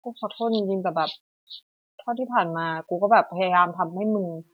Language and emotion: Thai, frustrated